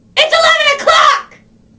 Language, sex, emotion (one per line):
English
female
angry